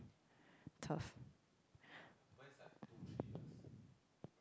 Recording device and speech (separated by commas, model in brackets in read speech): close-talking microphone, conversation in the same room